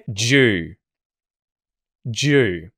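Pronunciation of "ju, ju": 'Do you' is said as 'ju', twice: the d and the y merge into a j sound, and the vowel of 'do' disappears.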